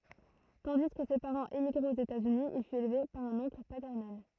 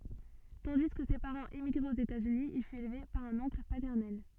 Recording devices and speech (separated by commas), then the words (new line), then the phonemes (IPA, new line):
throat microphone, soft in-ear microphone, read sentence
Tandis que ses parents émigraient aux États-Unis, il fut élevé par un oncle paternel.
tɑ̃di kə se paʁɑ̃z emiɡʁɛt oz etaz yni il fyt elve paʁ œ̃n ɔ̃kl patɛʁnɛl